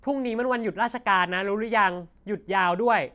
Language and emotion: Thai, frustrated